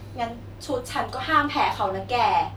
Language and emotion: Thai, frustrated